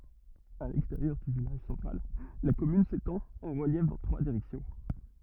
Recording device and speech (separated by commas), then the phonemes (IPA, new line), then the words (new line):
rigid in-ear microphone, read sentence
a lɛksteʁjœʁ dy vilaʒ sɑ̃tʁal la kɔmyn setɑ̃t ɑ̃ ʁəljɛf dɑ̃ tʁwa diʁɛksjɔ̃
À l'extérieur du village central, la commune s'étend en reliefs dans trois directions.